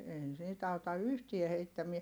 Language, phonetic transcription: Finnish, ei niit auta yhtie heittämie , .
- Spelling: ei niitä auta yhtään heittämään

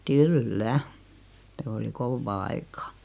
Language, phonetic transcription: Finnish, kyl"lä , se oli 'kovvaa 'aikaa .
- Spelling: kyllä se oli kovaa aikaa

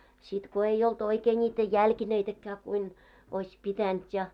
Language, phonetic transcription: Finnish, sit ko 'ei olt 'oikee ńiitä "jälkineitäkkää kuin , oiś 'pitänt ja .
- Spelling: sitten kun ei ollut oikein niitä jalkineitakaan kuin olisi pitänyt ja

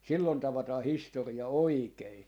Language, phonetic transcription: Finnish, 'sillon 'tavataa "histori₍a "oikei .
- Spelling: silloin tavataan historia oikein

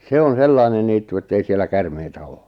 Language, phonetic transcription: Finnish, 'se on "sellainen niittu ettei siel̆lä "kärmeitä 'oo .
- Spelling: se on sellainen niitty että ei siellä käärmeitä ole

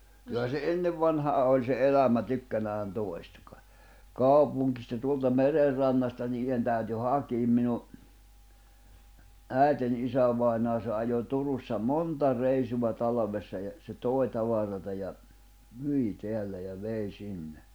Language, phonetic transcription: Finnish, kyllä se "ennev vanhaa oĺ se 'elämä tykkänään 'tòi̬sta ka , "kàupuŋkista 'tuolta 'mererrannasta niijen tä̀yty "hakiim minu , "ä̀eten isävai̬naa se ajo 'Turussa "monta reisuva 'talᵃvessa ja , se 'tòi̬ tavar̀ata ja , "myi 'teällä ja 'vei 'sinne .
- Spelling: kyllä se ennen vanhaan oli se elämä tykkänään toista - kaupungista tuolta merenrannasta niiden täytyi hakea minun äitini isävainaja se ajoi Turussa monta reissua talvessa ja se toi tavaraa ja myi täällä ja vei sinne

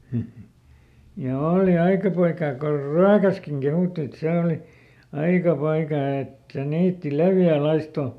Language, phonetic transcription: Finnish, ja ˈooli "aika poikaa kor "Ryäkäskiŋ ˈkehùtti et ˈsè oli , "aika "poikaa et , ˈniitti "levjä̀ ˈlaisto .
- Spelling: ja oli aika poikaa kun Ryökässäkin kehuttiin että se oli aika poikaa että niitti leveä laisto

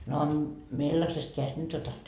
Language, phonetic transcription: Finnish, no , 'millasest keäjest 'nyt otat ? »
- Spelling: no millaisesta kädestä nyt otat

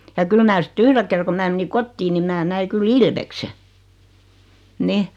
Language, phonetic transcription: Finnish, ja 'kyl mä 'sⁱt "yhre ker ko 'mää meni "kottii ni 'mää 'näi kyl "ilvekse , 'nih .
- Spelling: ja kyllä minä sitten yhden kerran kun minä menin kotiin niin minä näin kyllä ilveksen niin

